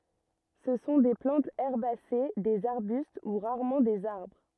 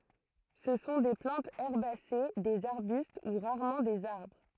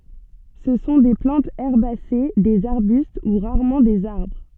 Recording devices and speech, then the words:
rigid in-ear microphone, throat microphone, soft in-ear microphone, read sentence
Ce sont des plantes herbacées, des arbustes ou rarement des arbres.

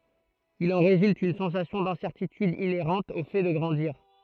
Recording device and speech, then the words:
throat microphone, read sentence
Il en résulte une sensation d’incertitude inhérente au fait de grandir.

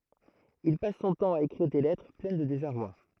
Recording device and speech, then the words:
throat microphone, read sentence
Il passe son temps à écrire des lettres pleines de désarroi.

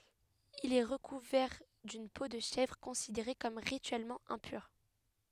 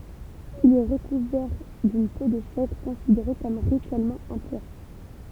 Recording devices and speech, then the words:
headset microphone, temple vibration pickup, read sentence
Il est recouvert d'une peau de chèvre, considérée comme rituellement impure.

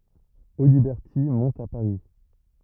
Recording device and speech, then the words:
rigid in-ear microphone, read sentence
Audiberti monte à Paris.

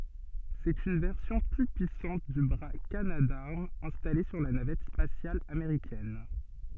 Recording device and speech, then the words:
soft in-ear microphone, read sentence
C'est une version plus puissante du bras Canadarm installé sur la navette spatiale américaine.

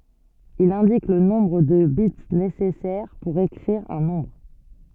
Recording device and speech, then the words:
soft in-ear microphone, read sentence
Il indique le nombre de bits nécessaires pour écrire un nombre.

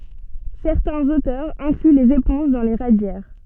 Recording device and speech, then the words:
soft in-ear microphone, read sentence
Certains auteurs incluent les éponges dans les radiaires.

